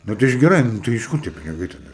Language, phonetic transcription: Lithuanian, ˈnu tai iš geˈrai ˈnu tai iš ˈkur tie piniˈgai taˈda

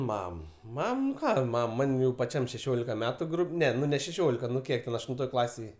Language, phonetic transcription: Lithuanian, ˈmam ˈmam nu ˈką ˈmam ˈman' jau paˈčiam šeˈšiolika ˈmetu ˈne nu ne šeˈšiolika nu ˈkiek ten aštunˈtoj ˈklasėj

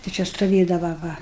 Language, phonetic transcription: Lithuanian, tai ˈčia stuˈvėdava ˈva

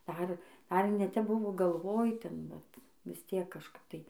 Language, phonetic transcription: Lithuanian, ˈdar dar ne tep ˈbuvo galˈvoj ˈten vat vis ˈtiek kažˈkap tai

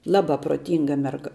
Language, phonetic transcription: Lithuanian, ˈlaba proˈtynga merˈga

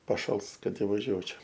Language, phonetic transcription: Lithuanian, paˈšals ˈkad ivaˈžiuočio

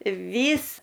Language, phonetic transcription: Lithuanian, ˈvys

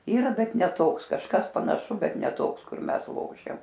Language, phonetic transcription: Lithuanian, ˈyra ˈbet ne ˈtoks kažˈkas panaˈšu bet ne ˈtoks kur ˈmes ˈlošiam

